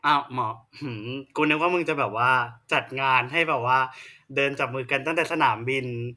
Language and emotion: Thai, happy